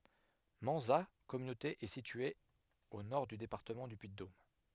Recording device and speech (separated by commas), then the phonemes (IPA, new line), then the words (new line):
headset microphone, read sentence
mɑ̃za kɔmynote ɛ sitye o nɔʁ dy depaʁtəmɑ̃ dy pyiddom
Manzat communauté est située au nord du département du Puy-de-Dôme.